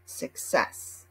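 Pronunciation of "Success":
'Success' is pronounced in American English.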